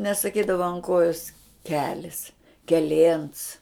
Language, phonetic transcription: Lithuanian, nesaˈkydava an ˈkojos ˈkelis keˈlėns

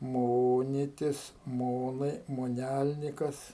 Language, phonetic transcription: Lithuanian, ˈmonitis ˈmonai moˈnælnikas

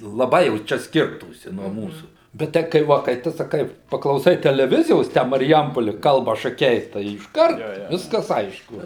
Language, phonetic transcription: Lithuanian, laˈbai jau ˈčia ˈskirtųsi nuo ˈmūsų bet ˈtai kai ˈva kai ˈtu saˈkai paklauˈsai teleˈvizijos ˈtę marˈjampoli ˈkalba šaˈkiai tai išˈkart ˈviskas ˈaišku

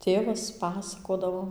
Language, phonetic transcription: Lithuanian, ˈtėvas ˈpasakodavo

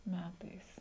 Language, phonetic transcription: Lithuanian, ˈmætais

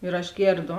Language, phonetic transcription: Lithuanian, ir aš ˈgėrˌdo

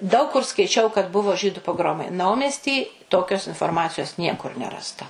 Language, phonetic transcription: Lithuanian, daug kur skaiˈčiau kad ˈbuvo ˈžydu poˈgromai ˈnaumesty ˈtokios inforˈmacijos ˈniekur ˈnerasta

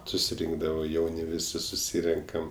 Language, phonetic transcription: Lithuanian, susiˈrinkdavo ˈjauni ˈvisi suˈsyrenkam

